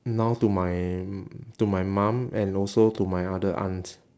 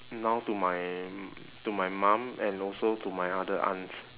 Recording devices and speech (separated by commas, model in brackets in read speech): standing microphone, telephone, conversation in separate rooms